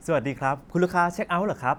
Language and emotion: Thai, happy